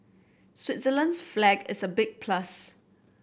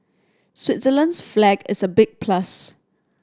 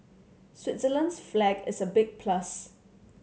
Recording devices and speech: boundary microphone (BM630), standing microphone (AKG C214), mobile phone (Samsung C7100), read sentence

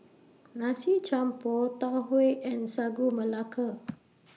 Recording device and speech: mobile phone (iPhone 6), read sentence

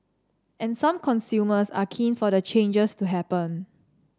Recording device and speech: standing microphone (AKG C214), read sentence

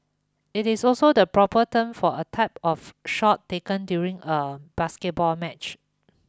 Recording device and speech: close-talking microphone (WH20), read sentence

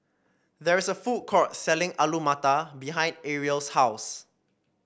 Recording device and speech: boundary microphone (BM630), read sentence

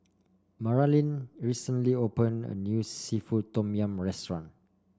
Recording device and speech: standing microphone (AKG C214), read sentence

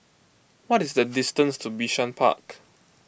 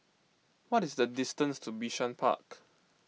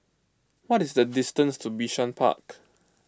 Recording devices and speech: boundary microphone (BM630), mobile phone (iPhone 6), close-talking microphone (WH20), read sentence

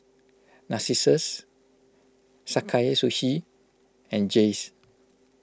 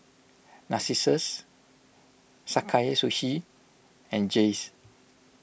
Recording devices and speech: close-talking microphone (WH20), boundary microphone (BM630), read sentence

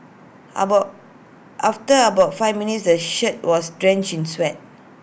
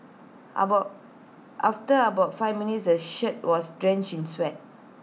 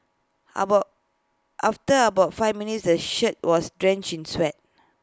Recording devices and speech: boundary microphone (BM630), mobile phone (iPhone 6), close-talking microphone (WH20), read sentence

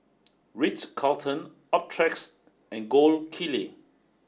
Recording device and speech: standing microphone (AKG C214), read sentence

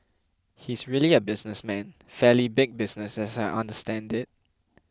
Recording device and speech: close-talking microphone (WH20), read sentence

